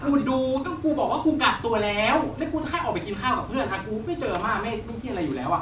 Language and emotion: Thai, angry